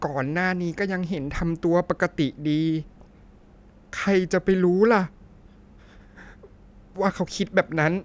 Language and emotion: Thai, sad